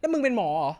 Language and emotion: Thai, angry